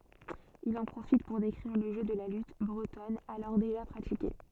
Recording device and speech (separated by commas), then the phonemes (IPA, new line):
soft in-ear microphone, read sentence
il ɑ̃ pʁofit puʁ dekʁiʁ lə ʒø də la lyt bʁətɔn alɔʁ deʒa pʁatike